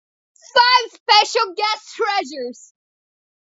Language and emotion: English, sad